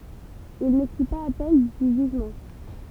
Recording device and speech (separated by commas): temple vibration pickup, read sentence